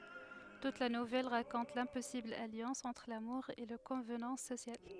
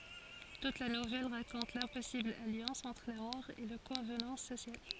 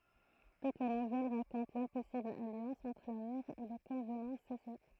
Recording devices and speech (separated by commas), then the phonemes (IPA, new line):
headset microphone, forehead accelerometer, throat microphone, read sentence
tut la nuvɛl ʁakɔ̃t lɛ̃pɔsibl aljɑ̃s ɑ̃tʁ lamuʁ e le kɔ̃vnɑ̃s sosjal